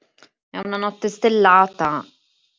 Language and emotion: Italian, disgusted